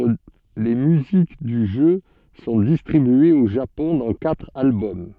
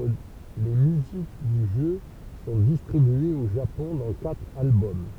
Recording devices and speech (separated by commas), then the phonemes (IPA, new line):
soft in-ear microphone, temple vibration pickup, read sentence
le myzik dy ʒø sɔ̃ distʁibyez o ʒapɔ̃ dɑ̃ katʁ albɔm